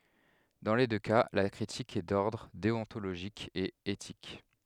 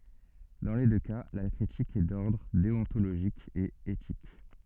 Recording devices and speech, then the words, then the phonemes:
headset microphone, soft in-ear microphone, read sentence
Dans les deux cas, la critique est d'ordre déontologique et éthique.
dɑ̃ le dø ka la kʁitik ɛ dɔʁdʁ deɔ̃toloʒik e etik

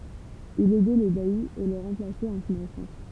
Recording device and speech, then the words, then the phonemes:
temple vibration pickup, read sentence
Il aidait le bailli et le remplaçait en son absence.
il ɛdɛ lə baji e lə ʁɑ̃plasɛt ɑ̃ sɔ̃n absɑ̃s

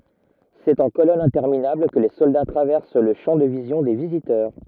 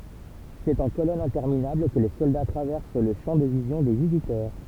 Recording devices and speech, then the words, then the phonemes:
rigid in-ear microphone, temple vibration pickup, read sentence
C'est en colonnes interminables que les soldats traversent le champ de vision des visiteurs.
sɛt ɑ̃ kolɔnz ɛ̃tɛʁminabl kə le sɔlda tʁavɛʁs lə ʃɑ̃ də vizjɔ̃ de vizitœʁ

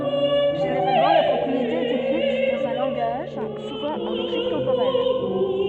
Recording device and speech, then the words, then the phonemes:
soft in-ear microphone, read sentence
Généralement, la propriété est écrite dans un langage, souvent en logique temporelle.
ʒeneʁalmɑ̃ la pʁɔpʁiete ɛt ekʁit dɑ̃z œ̃ lɑ̃ɡaʒ suvɑ̃ ɑ̃ loʒik tɑ̃poʁɛl

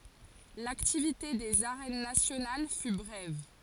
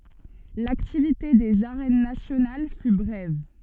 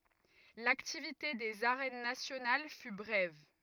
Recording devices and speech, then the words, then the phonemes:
forehead accelerometer, soft in-ear microphone, rigid in-ear microphone, read sentence
L'activité des Arènes nationales fut brève.
laktivite dez aʁɛn nasjonal fy bʁɛv

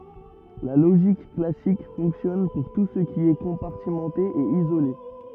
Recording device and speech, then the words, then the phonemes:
rigid in-ear microphone, read sentence
La logique classique fonctionne pour tout ce qui est compartimenté et isolé.
la loʒik klasik fɔ̃ksjɔn puʁ tu sə ki ɛ kɔ̃paʁtimɑ̃te e izole

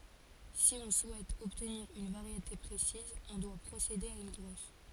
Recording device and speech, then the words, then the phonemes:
forehead accelerometer, read sentence
Si on souhaite obtenir une variété précise, on doit procéder à une greffe.
si ɔ̃ suɛt ɔbtniʁ yn vaʁjete pʁesiz ɔ̃ dwa pʁosede a yn ɡʁɛf

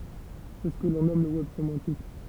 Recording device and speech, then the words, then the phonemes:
temple vibration pickup, read sentence
C'est ce que l'on nomme le web sémantique.
sɛ sə kə lɔ̃ nɔm lə wɛb semɑ̃tik

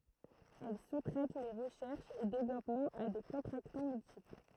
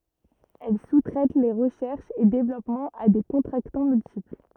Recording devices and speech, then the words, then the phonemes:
throat microphone, rigid in-ear microphone, read sentence
Elle sous-traite les recherches et développements à des contractants multiples.
ɛl su tʁɛt le ʁəʃɛʁʃz e devlɔpmɑ̃z a de kɔ̃tʁaktɑ̃ myltipl

